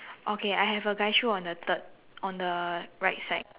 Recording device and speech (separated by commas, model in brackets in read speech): telephone, conversation in separate rooms